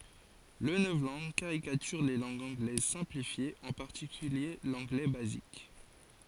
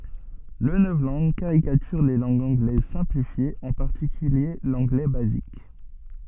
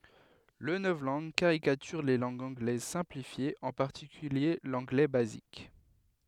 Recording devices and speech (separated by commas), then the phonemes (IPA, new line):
forehead accelerometer, soft in-ear microphone, headset microphone, read sentence
lə nɔvlɑ̃ɡ kaʁikatyʁ le lɑ̃ɡz ɑ̃ɡlɛz sɛ̃plifjez ɑ̃ paʁtikylje lɑ̃ɡlɛ bazik